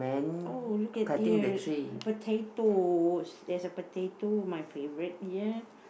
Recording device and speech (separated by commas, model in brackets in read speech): boundary microphone, conversation in the same room